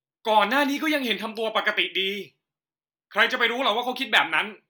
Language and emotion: Thai, angry